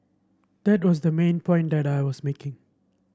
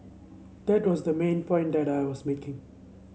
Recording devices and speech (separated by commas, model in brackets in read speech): standing microphone (AKG C214), mobile phone (Samsung C7), read sentence